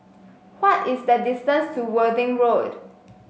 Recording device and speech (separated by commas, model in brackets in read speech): mobile phone (Samsung S8), read sentence